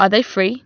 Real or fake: real